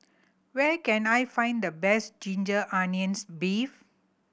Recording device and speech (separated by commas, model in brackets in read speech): boundary microphone (BM630), read sentence